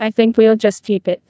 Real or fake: fake